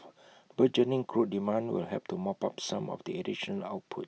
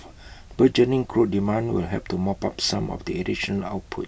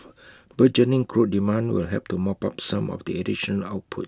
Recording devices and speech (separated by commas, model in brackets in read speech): mobile phone (iPhone 6), boundary microphone (BM630), close-talking microphone (WH20), read sentence